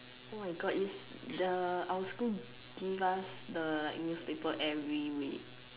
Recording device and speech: telephone, conversation in separate rooms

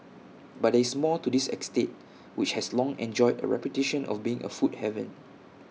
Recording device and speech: mobile phone (iPhone 6), read sentence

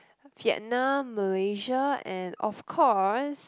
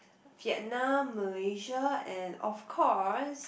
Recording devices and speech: close-talking microphone, boundary microphone, conversation in the same room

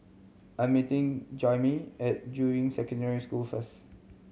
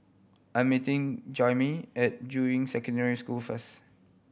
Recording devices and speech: mobile phone (Samsung C7100), boundary microphone (BM630), read sentence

